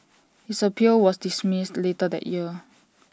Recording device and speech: standing microphone (AKG C214), read sentence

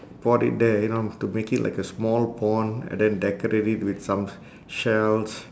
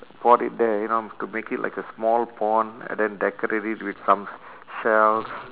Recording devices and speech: standing microphone, telephone, conversation in separate rooms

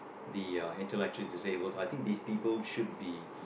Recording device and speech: boundary microphone, conversation in the same room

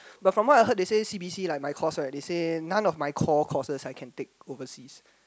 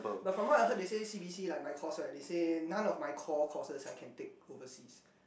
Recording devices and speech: close-talking microphone, boundary microphone, conversation in the same room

